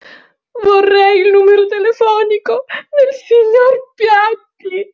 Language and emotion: Italian, sad